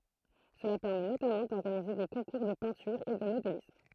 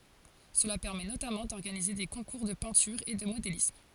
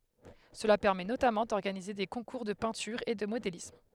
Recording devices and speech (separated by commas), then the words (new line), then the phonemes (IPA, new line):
throat microphone, forehead accelerometer, headset microphone, read sentence
Cela permet notamment d'organiser des concours de peinture et de modélisme.
səla pɛʁmɛ notamɑ̃ dɔʁɡanize de kɔ̃kuʁ də pɛ̃tyʁ e də modelism